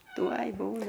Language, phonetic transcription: Lithuanian, ˈtuoj ˈbūna

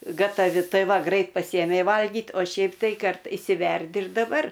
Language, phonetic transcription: Lithuanian, gataˈvi ˈtai ˈva ˈgrait paˈsyjemei valˈgyt o ˈšiaip tai ˈkart išsiˈverdi ir daˈbar

